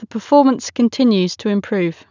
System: none